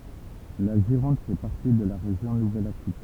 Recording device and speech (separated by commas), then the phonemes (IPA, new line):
temple vibration pickup, read sentence
la ʒiʁɔ̃d fɛ paʁti də la ʁeʒjɔ̃ nuvɛl akitɛn